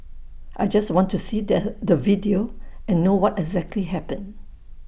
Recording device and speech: boundary microphone (BM630), read sentence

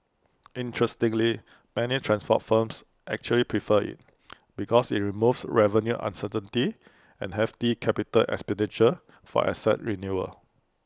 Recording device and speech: close-talking microphone (WH20), read sentence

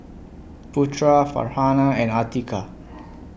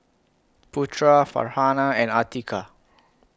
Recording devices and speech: boundary microphone (BM630), close-talking microphone (WH20), read sentence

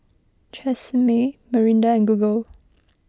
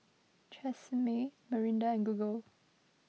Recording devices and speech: close-talking microphone (WH20), mobile phone (iPhone 6), read sentence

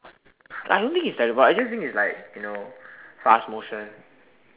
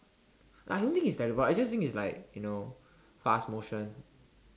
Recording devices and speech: telephone, standing microphone, conversation in separate rooms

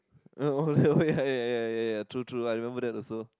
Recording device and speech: close-talking microphone, conversation in the same room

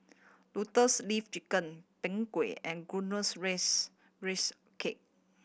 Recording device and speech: boundary microphone (BM630), read sentence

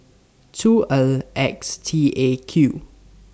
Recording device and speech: standing microphone (AKG C214), read sentence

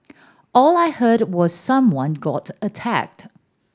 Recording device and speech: standing microphone (AKG C214), read sentence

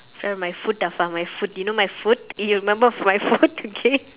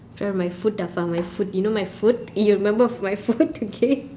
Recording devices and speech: telephone, standing microphone, conversation in separate rooms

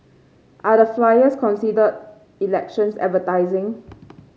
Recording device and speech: mobile phone (Samsung C5), read sentence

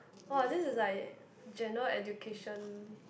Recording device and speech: boundary microphone, conversation in the same room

